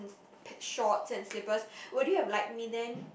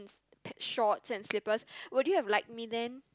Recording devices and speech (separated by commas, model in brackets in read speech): boundary microphone, close-talking microphone, conversation in the same room